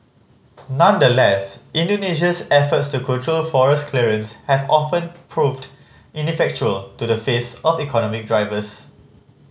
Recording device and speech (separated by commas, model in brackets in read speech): mobile phone (Samsung C5010), read sentence